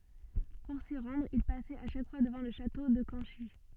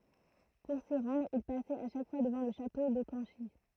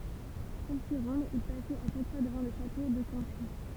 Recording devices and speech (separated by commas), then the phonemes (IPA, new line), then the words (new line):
soft in-ear microphone, throat microphone, temple vibration pickup, read sentence
puʁ si ʁɑ̃dʁ il pasɛt a ʃak fwa dəvɑ̃ lə ʃato də kɑ̃ʃi
Pour s'y rendre, il passait à chaque fois devant le château de Canchy.